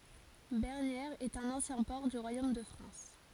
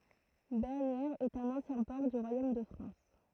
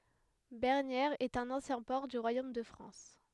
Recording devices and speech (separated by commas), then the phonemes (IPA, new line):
forehead accelerometer, throat microphone, headset microphone, read sentence
bɛʁnjɛʁz ɛt œ̃n ɑ̃sjɛ̃ pɔʁ dy ʁwajom də fʁɑ̃s